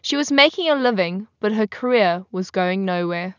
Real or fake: real